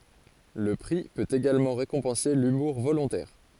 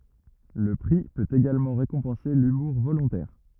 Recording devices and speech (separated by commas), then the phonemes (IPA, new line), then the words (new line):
forehead accelerometer, rigid in-ear microphone, read sentence
lə pʁi pøt eɡalmɑ̃ ʁekɔ̃pɑ̃se lymuʁ volɔ̃tɛʁ
Le prix peut également récompenser l'humour volontaire.